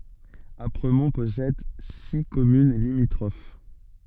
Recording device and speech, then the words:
soft in-ear microphone, read sentence
Apremont possède six communes limitrophes.

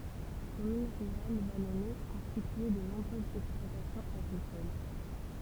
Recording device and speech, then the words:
temple vibration pickup, read sentence
Commune rurale vallonnée, constituée de nombreuses exploitations agricoles.

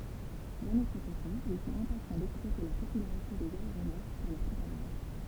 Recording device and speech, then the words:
temple vibration pickup, read sentence
D'un autre côté, ils sont impatients d'exploiter la popularité des aéronefs pour leur propagande.

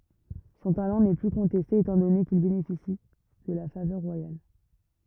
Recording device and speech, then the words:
rigid in-ear microphone, read sentence
Son talent n'est plus contesté étant donné qu'il bénéficie de la faveur royale.

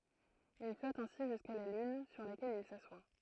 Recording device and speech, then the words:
throat microphone, read sentence
Il flotte ainsi jusqu'à la lune, sur laquelle il s'assoit.

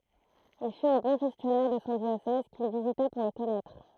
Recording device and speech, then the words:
throat microphone, read sentence
Il fut un bon gestionnaire de son diocèse, qu'il visita pour le connaître.

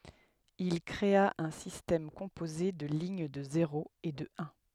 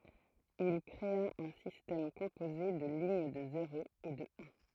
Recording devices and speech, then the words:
headset microphone, throat microphone, read sentence
Il créa un système composé de lignes de zéros et de uns.

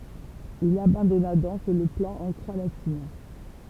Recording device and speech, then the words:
temple vibration pickup, read sentence
Il abandonna donc le plan en croix latine.

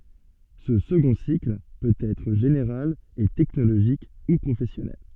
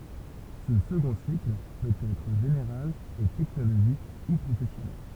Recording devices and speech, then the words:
soft in-ear microphone, temple vibration pickup, read sentence
Ce second cycle peut être général et technologique ou professionnel.

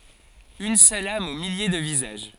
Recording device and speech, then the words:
forehead accelerometer, read sentence
Une seule âme aux milliers de visages.

